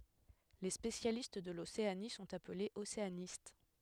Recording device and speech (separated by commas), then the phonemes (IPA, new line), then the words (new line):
headset microphone, read sentence
le spesjalist də loseani sɔ̃t aplez oseanist
Les spécialistes de l'Océanie sont appelés océanistes.